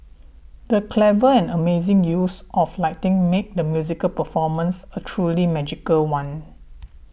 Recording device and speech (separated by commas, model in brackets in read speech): boundary microphone (BM630), read sentence